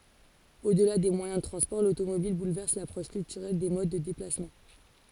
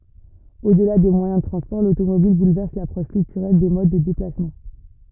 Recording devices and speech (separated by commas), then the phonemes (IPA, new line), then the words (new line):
forehead accelerometer, rigid in-ear microphone, read sentence
odla de mwajɛ̃ də tʁɑ̃spɔʁ lotomobil bulvɛʁs lapʁɔʃ kyltyʁɛl de mod də deplasmɑ̃
Au-delà des moyens de transports, l'automobile bouleverse l'approche culturelle des modes de déplacements.